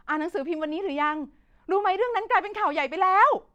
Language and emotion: Thai, angry